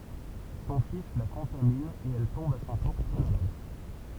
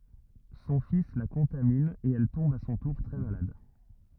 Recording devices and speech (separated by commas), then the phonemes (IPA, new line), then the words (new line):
temple vibration pickup, rigid in-ear microphone, read sentence
sɔ̃ fis la kɔ̃tamin e ɛl tɔ̃b a sɔ̃ tuʁ tʁɛ malad
Son fils la contamine et elle tombe à son tour très malade.